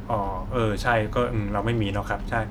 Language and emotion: Thai, neutral